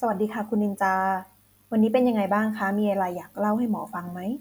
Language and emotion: Thai, neutral